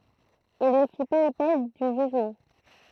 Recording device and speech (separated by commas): throat microphone, read sentence